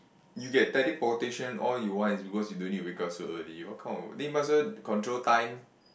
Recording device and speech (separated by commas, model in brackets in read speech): boundary microphone, conversation in the same room